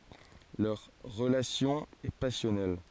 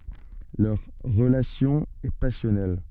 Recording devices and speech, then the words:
forehead accelerometer, soft in-ear microphone, read sentence
Leur relation est passionnelle.

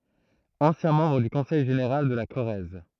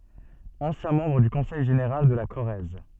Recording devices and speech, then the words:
throat microphone, soft in-ear microphone, read sentence
Ancien membre du Conseil général de la Corrèze.

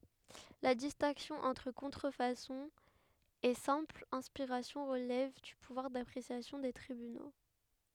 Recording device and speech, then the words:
headset microphone, read sentence
La distinction entre contrefaçon et simple inspiration relève du pouvoir d'appréciation des tribunaux.

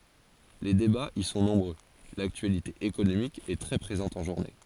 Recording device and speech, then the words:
forehead accelerometer, read sentence
Les débats y sont nombreux, l'actualité économique est très présente en journée.

